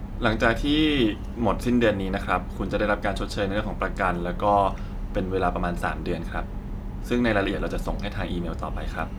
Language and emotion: Thai, neutral